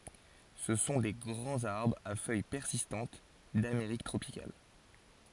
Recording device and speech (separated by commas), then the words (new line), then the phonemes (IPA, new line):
forehead accelerometer, read sentence
Ce sont des grands arbres à feuilles persistantes d'Amérique tropicale.
sə sɔ̃ de ɡʁɑ̃z aʁbʁz a fœj pɛʁsistɑ̃t dameʁik tʁopikal